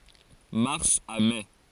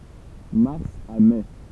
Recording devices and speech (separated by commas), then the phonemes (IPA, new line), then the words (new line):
forehead accelerometer, temple vibration pickup, read sentence
maʁs a mɛ
Mars à mai.